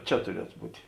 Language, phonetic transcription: Lithuanian, ˈčia tuˈrietu ˈbūti

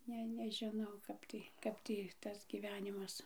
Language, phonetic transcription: Lithuanian, ˈne nežiˈnau ˈkap tai ˈkap tį ˈtas gyˈvenimas

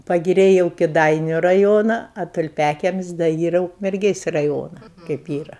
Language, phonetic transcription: Lithuanian, pagiˈriai jau kiˈdainiu raˈjona o tulˈpiakiemis' da ˈyra ukmerˈgės' raˈjona kaip ˈyra

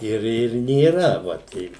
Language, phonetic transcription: Lithuanian, ˈir ir nėˈra va ˈtei

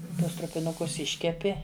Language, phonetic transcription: Lithuanian, ˈtuos trupiˈnukus ˈiškepi

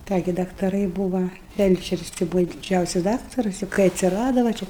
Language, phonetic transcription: Lithuanian, ˈką gi daktaˈrai ˈbūva ˈfelčeris tai ˈbūva diˈdžiausis ˈdaktarus jau kai atsiˈrada va ˈčia

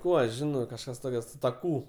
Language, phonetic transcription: Lithuanian, ˈkų aš ˈžino kažˈkas ˈtoke su ta ˈkų

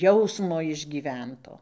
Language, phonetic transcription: Lithuanian, ˈjausmo išgyˈvento

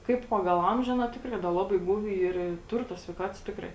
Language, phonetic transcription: Lithuanian, ˈkaip ˈpagal ˈamžiu ˈaˌna ˈtikrai da ˈlabai ˈgūvi ˈyr i ˈtur tos sveiˈkatos ˈtikrai

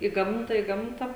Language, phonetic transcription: Lithuanian, i ˈgamta i ˈgamta

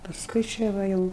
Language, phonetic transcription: Lithuanian, pasˈkui ˈčia va ˈjau

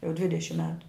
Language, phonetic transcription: Lithuanian, jau ˈdvidešim ˈmetu

